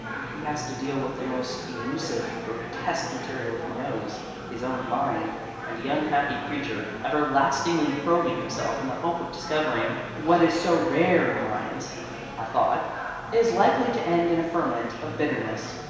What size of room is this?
A big, very reverberant room.